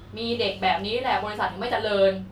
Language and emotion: Thai, frustrated